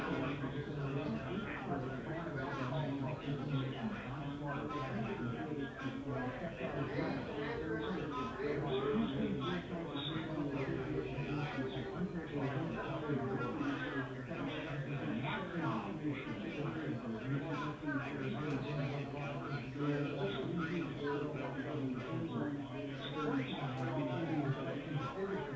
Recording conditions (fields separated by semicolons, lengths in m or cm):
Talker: no one; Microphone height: 1.8 m; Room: medium-sized (5.7 m by 4.0 m); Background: babble